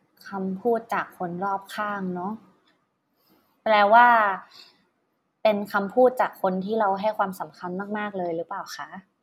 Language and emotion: Thai, neutral